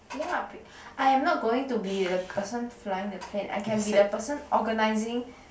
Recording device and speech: boundary microphone, conversation in the same room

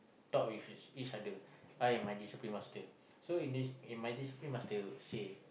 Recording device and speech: boundary microphone, conversation in the same room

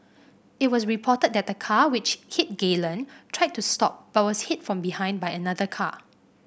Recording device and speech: boundary microphone (BM630), read sentence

